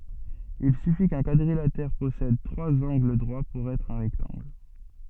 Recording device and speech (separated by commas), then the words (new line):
soft in-ear microphone, read sentence
Il suffit qu'un quadrilatère possède trois angles droits pour être un rectangle.